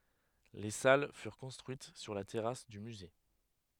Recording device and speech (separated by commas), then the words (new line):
headset microphone, read sentence
Les salles furent construites sur la terrasse du musée.